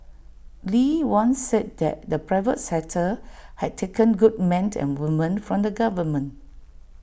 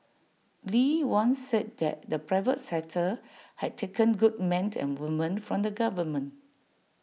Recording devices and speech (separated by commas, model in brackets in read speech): boundary microphone (BM630), mobile phone (iPhone 6), read sentence